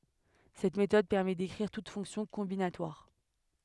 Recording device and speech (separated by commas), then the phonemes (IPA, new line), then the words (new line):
headset microphone, read sentence
sɛt metɔd pɛʁmɛ dekʁiʁ tut fɔ̃ksjɔ̃ kɔ̃binatwaʁ
Cette méthode permet d'écrire toute fonction combinatoire.